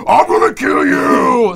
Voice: Deep voice